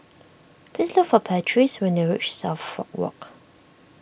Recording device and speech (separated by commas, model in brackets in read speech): boundary microphone (BM630), read sentence